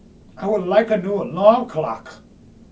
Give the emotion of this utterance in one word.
angry